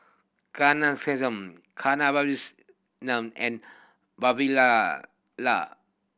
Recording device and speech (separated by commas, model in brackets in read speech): boundary microphone (BM630), read sentence